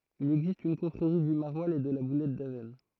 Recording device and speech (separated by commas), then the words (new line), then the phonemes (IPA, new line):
throat microphone, read sentence
Il existe une confrérie du maroilles et de la boulette d'Avesnes.
il ɛɡzist yn kɔ̃fʁeʁi dy maʁwalz e də la bulɛt davɛsn